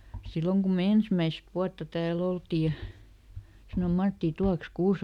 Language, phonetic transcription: Finnish, ˈsilloŋ ku me "ensmäist ˈvuatta tääˈl ‿oltii ja , sanom ˈMattì » ˈtuaks "kuuse ! »
- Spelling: silloin kun me ensimmäistä vuotta täällä oltiin ja sanoi Matti tuotkos kuusen

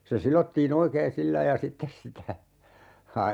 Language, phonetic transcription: Finnish, se 'silottii"n ‿oikeen 'sillai ja 'sittes sitä , ha- , .
- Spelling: se sidottiin oikein sillä lailla ja sitten sitä -

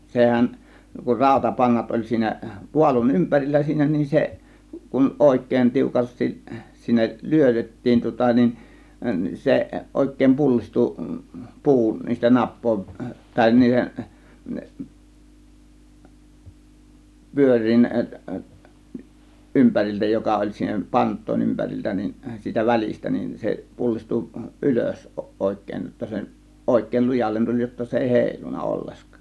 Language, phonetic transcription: Finnish, 'sehä̀n , kur 'ràȯtapannat oĺ siinä , 'pualun "ympärillä siinä nin 'se , kun "òėk̆kèĭn 'tiukastis sinnek , "lyötettiin tŭŏta nin , "se 'ˀòėk̆kèĭm "pullistu , "pu̬u 'niistä 'nap̆pòėv väĺ , 'niihen , 'pyör̆riin , 'ˀympäril͕tä 'joka oĺ siinä "pant̆tòėn 'ympäriltä nin , siitä "välistä nin , 'se 'pullistu , "ˀylös 'òėk̆kèĭn jotta se , 'ˀòėk̆kèĭl "lujallen 'tuĺ jotta 'se èi "hèilun̆na 'olleskÀ .
- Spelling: sehän kun rautapannat oli siinä paalun ympärillä siinä niin se kun oikein tiukasti sinne lyötettiin tuota niin se oikein pullistui puu niistä napojen väli niiden pyörien ympäriltä joka oli siinä pantojen ympäriltä niin siitä välistä niin se pullistui ylös oikein jotta se oikein lujalle tuli jotta se ei heilunut ollenkaan

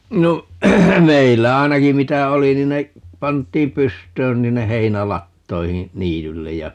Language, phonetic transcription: Finnish, 'no , 'meillä 'ainaki 'mitä "oli nin ne , 'pant̀iim 'pyst̀öön 'ni hinne 'heinä"lattoihiḭ , 'niityllej ja ,.
- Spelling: no meillä ainakin mitä oli niin ne pantiin pystyyn niin sinne heinälatoihin niitylle ja

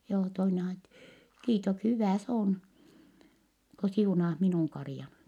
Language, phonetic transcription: Finnish, joo , toine ajat- , » kiitok- , hyvä̀ s ‿oon , ko siunaah minùŋ karⁱjan . »
- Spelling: joo toinen - - hyvä se on kun siunaat minun karjan

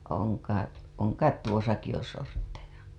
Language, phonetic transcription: Finnish, oŋ kait , oŋ ‿kait tuosaki jo 'sortteja .
- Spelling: on kait on kai tuossakin jo sortteja

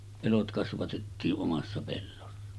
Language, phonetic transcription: Finnish, 'elot kasvatettii’ '’omassa pellossa .
- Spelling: elot kasvatettiin omassa pellossa

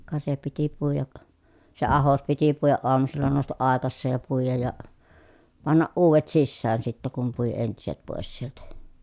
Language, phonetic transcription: Finnish, ka se piti puijak , se ahos piti puijaʼ ʼoamusilla nòustaʼ ʼàekasseej ja puijaj ja , pannaʼ ʼuuvet sissään sittä kum pui entiset pòes sieltä .
- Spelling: ka se piti puida se ahdos piti puida aamusilla nousta aikaiseen ja puida ja panna uudet sisään sitten kun pui entiset pois sieltä

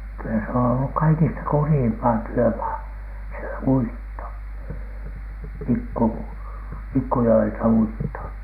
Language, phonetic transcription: Finnish, kylä se on olluk "kaikista "kurjiimpaa "työmaa , se "uitto , 'pikku- , 'pikkujo₍elta₍"uitto .
- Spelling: kyllä se on ollut kaikista kurjinta työmaa se uitto - pikkujoeltauitto

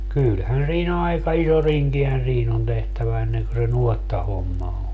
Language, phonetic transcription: Finnish, 'kylhän sii"n ‿aika iso "riŋkihän̬ 'siin ‿on tehtävä enneŋkö se "nuottahomma o .
- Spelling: kyllähän siinä aika iso rinkihän siinä on tehtävä ennen kuin se nuottahomma on

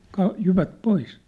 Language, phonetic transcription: Finnish, ka- , 'jyvät 'pois !
- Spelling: - jyvät pois

